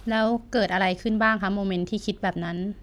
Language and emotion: Thai, neutral